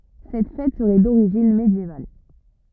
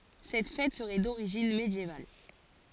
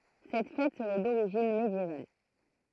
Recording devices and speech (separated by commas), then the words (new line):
rigid in-ear microphone, forehead accelerometer, throat microphone, read sentence
Cette fête serait d'origine médiévale.